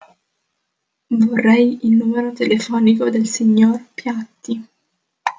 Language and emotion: Italian, neutral